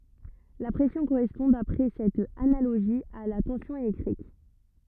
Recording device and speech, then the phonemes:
rigid in-ear microphone, read sentence
la pʁɛsjɔ̃ koʁɛspɔ̃ dapʁɛ sɛt analoʒi a la tɑ̃sjɔ̃ elɛktʁik

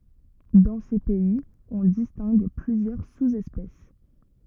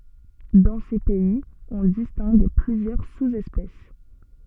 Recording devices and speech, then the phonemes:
rigid in-ear microphone, soft in-ear microphone, read sentence
dɑ̃ se pɛiz ɔ̃ distɛ̃ɡ plyzjœʁ suzɛspɛs

